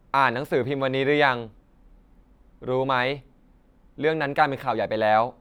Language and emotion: Thai, neutral